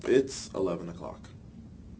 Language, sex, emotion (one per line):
English
male
neutral